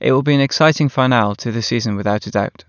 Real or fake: real